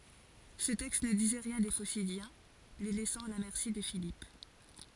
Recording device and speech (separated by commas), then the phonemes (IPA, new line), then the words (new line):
forehead accelerometer, read sentence
sə tɛkst nə dizɛ ʁjɛ̃ de fosidjɛ̃ le lɛsɑ̃ a la mɛʁsi də filip
Ce texte ne disait rien des Phocidiens, les laissant à la merci de Philippe.